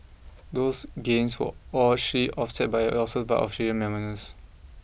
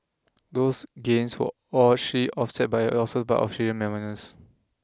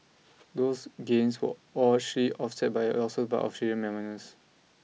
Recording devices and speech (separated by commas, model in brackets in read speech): boundary microphone (BM630), close-talking microphone (WH20), mobile phone (iPhone 6), read sentence